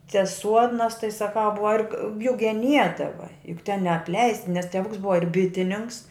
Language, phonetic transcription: Lithuanian, cia ˈsuodnas tai saˈkau ˈbuva ir g juk geˈniedava juk ten neapˈleists nes teˈvuks ˈbuva ir ˈbitinininks

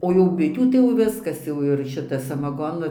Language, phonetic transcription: Lithuanian, o jau ˈbitių tai jau ˈviskas ˈjau ir ˈšita samaˈgonu

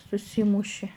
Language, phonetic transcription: Lithuanian, suˈsymuši

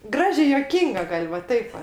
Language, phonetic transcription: Lithuanian, ˈgražė juoˈkynga ˈgal' va ˈtaip va

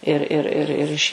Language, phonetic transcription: Lithuanian, ir ˈir ir ˈir iš

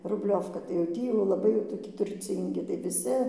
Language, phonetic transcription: Lithuanian, rubˈliovka tai jau ˈtį jau laˈbai jau toˈki turˈcyngi tai viˈsi

